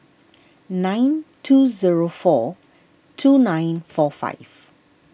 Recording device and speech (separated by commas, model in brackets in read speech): boundary microphone (BM630), read sentence